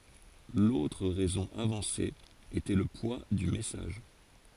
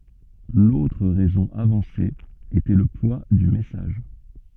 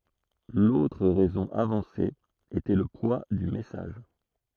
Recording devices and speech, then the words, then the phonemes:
forehead accelerometer, soft in-ear microphone, throat microphone, read sentence
L'autre raison avancée était le poids du message.
lotʁ ʁɛzɔ̃ avɑ̃se etɛ lə pwa dy mɛsaʒ

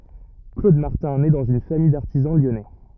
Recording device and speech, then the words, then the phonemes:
rigid in-ear microphone, read sentence
Claude Martin naît dans une famille d'artisans lyonnais.
klod maʁtɛ̃ nɛ dɑ̃z yn famij daʁtizɑ̃ ljɔnɛ

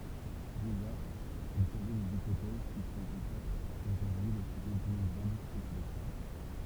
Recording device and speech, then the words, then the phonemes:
temple vibration pickup, read sentence
Déjà, il posait des hypothèses qui sont encore aujourd’hui le sujet d'innombrables spéculations.
deʒa il pozɛ dez ipotɛz ki sɔ̃t ɑ̃kɔʁ oʒuʁdyi lə syʒɛ dinɔ̃bʁabl spekylasjɔ̃

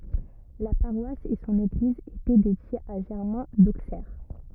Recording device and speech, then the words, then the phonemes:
rigid in-ear microphone, read sentence
La paroisse et son église étaient dédiées à Germain d'Auxerre.
la paʁwas e sɔ̃n eɡliz etɛ dedjez a ʒɛʁmɛ̃ doksɛʁ

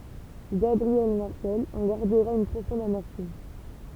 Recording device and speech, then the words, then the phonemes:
temple vibration pickup, read sentence
Gabriel Marcel en gardera une profonde amertume.
ɡabʁiɛl maʁsɛl ɑ̃ ɡaʁdəʁa yn pʁofɔ̃d amɛʁtym

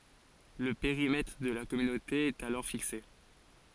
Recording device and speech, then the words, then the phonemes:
forehead accelerometer, read sentence
Le périmètre de la Communauté est alors fixé.
lə peʁimɛtʁ də la kɔmynote ɛt alɔʁ fikse

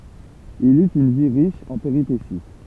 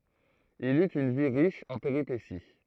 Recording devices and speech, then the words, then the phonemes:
temple vibration pickup, throat microphone, read sentence
Il eut une vie riche en péripéties.
il yt yn vi ʁiʃ ɑ̃ peʁipesi

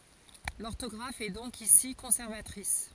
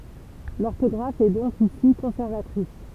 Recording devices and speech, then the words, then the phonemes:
forehead accelerometer, temple vibration pickup, read sentence
L'orthographe est donc ici conservatrice.
lɔʁtɔɡʁaf ɛ dɔ̃k isi kɔ̃sɛʁvatʁis

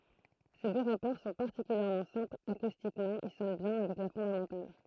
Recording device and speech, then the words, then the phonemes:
throat microphone, read sentence
Ces deux rapports sont particulièrement simples, acoustiquement ils sonnent bien avec la fondamentale.
se dø ʁapɔʁ sɔ̃ paʁtikyljɛʁmɑ̃ sɛ̃plz akustikmɑ̃ il sɔn bjɛ̃ avɛk la fɔ̃damɑ̃tal

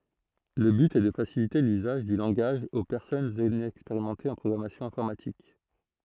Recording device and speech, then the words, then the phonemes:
throat microphone, read sentence
Le but est de faciliter l'usage du langage aux personnes inexpérimentées en programmation informatique.
lə byt ɛ də fasilite lyzaʒ dy lɑ̃ɡaʒ o pɛʁsɔnz inɛkspeʁimɑ̃tez ɑ̃ pʁɔɡʁamasjɔ̃ ɛ̃fɔʁmatik

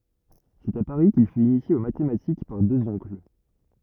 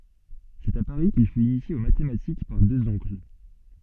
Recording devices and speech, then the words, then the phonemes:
rigid in-ear microphone, soft in-ear microphone, read sentence
C’est à Paris qu’il fut initié aux mathématiques par deux oncles.
sɛt a paʁi kil fyt inisje o matematik paʁ døz ɔ̃kl

